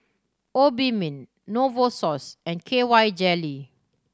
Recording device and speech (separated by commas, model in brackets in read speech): standing microphone (AKG C214), read sentence